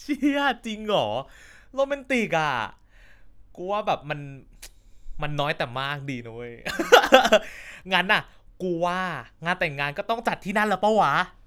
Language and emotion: Thai, happy